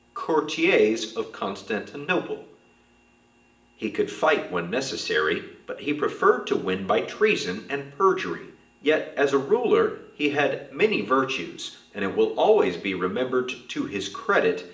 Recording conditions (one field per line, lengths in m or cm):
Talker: one person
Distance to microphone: 1.8 m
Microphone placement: close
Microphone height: 1.0 m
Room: large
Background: none